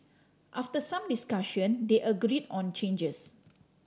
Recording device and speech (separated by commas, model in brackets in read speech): standing microphone (AKG C214), read sentence